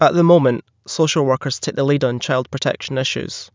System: none